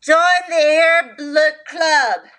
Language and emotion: English, disgusted